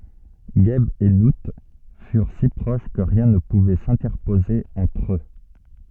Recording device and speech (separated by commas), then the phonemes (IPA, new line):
soft in-ear microphone, read sentence
ʒɛb e nu fyʁ si pʁoʃ kə ʁjɛ̃ nə puvɛ sɛ̃tɛʁpoze ɑ̃tʁ ø